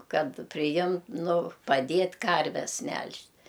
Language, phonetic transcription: Lithuanian, ˈkad priˈjim ˈnu paˈdėt' ˈkarves ˈmelžt'

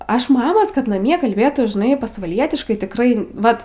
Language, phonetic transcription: Lithuanian, ˈaš ˈmamos kad naˈmie kalˈbėtų žiˈnai pasvaˈlietiškai tikˈrai ˈvat

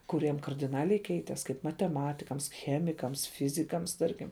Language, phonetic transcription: Lithuanian, kuˈriem kardiˈnaliai ˈkeites kaip mateˈmatikams ˈchemikams ˈfizikams ˈtarkim

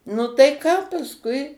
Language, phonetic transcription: Lithuanian, nu tai ˈką pasˈkui

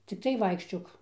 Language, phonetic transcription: Lithuanian, cikˈtai ˈvaikščiok

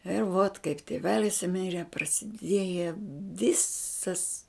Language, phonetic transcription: Lithuanian, ir vot kaip tiˈvelis ˈmire prasiˈdieja ˈvisas

